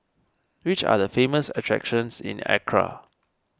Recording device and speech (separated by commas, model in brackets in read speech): standing microphone (AKG C214), read sentence